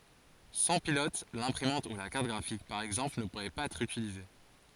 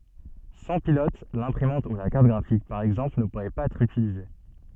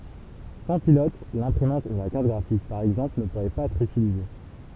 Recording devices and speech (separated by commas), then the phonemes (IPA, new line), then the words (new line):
forehead accelerometer, soft in-ear microphone, temple vibration pickup, read sentence
sɑ̃ pilɔt lɛ̃pʁimɑ̃t u la kaʁt ɡʁafik paʁ ɛɡzɑ̃pl nə puʁɛ paz ɛtʁ ytilize
Sans pilote, l'imprimante ou la carte graphique par exemple ne pourraient pas être utilisées.